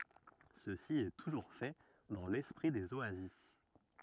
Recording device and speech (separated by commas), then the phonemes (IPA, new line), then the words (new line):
rigid in-ear microphone, read sentence
səsi ɛ tuʒuʁ fɛ dɑ̃ lɛspʁi dez oazis
Ceci est toujours fait dans l'esprit des oasis.